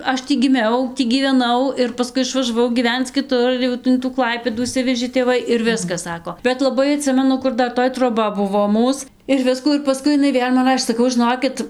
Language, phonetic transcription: Lithuanian, ˈaš ˈtį giˈmiau ˈtį gyveˈnau ir paˈskui išvažaˈvau gyˈvenc kiˈtur ˈjau in tų ˈklaipėdų išˈsivežė tėˈvai ir ˈviskas ˈsako bet laˈbai aˈtsimenu ˈkur ˈdar ˈtoj troˈba ˈbuvo ˈmūs ir ˈviskų ir paˈskui iˈnai ˈvėl' man ˈrašė saˈkau žiˈnokit

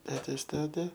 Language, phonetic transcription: Lithuanian, ˈtetės ˈtete

